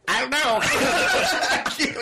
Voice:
in a high-pitched voice